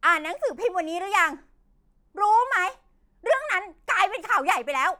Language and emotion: Thai, angry